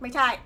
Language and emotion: Thai, frustrated